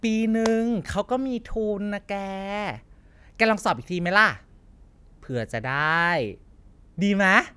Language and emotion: Thai, happy